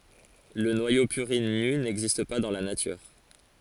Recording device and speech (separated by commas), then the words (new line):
forehead accelerometer, read sentence
Le noyau purine nu n'existe pas dans la nature.